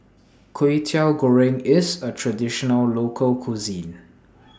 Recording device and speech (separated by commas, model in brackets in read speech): standing microphone (AKG C214), read sentence